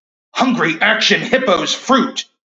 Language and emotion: English, fearful